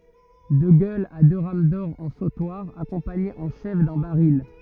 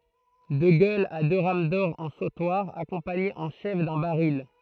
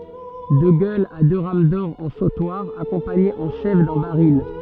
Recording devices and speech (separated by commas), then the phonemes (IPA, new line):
rigid in-ear microphone, throat microphone, soft in-ear microphone, read sentence
də ɡœlz a dø ʁam dɔʁ ɑ̃ sotwaʁ akɔ̃paɲez ɑ̃ ʃɛf dœ̃ baʁil